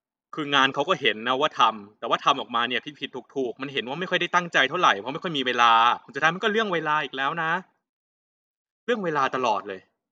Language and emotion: Thai, frustrated